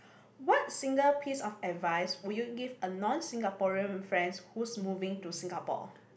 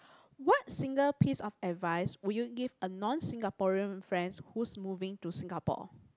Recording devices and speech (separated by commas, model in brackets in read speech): boundary microphone, close-talking microphone, conversation in the same room